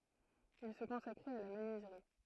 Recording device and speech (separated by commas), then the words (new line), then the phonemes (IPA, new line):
throat microphone, read sentence
Il se consacrait à la menuiserie.
il sə kɔ̃sakʁɛt a la mənyizʁi